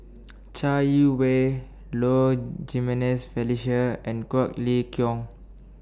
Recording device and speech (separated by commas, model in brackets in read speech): standing microphone (AKG C214), read sentence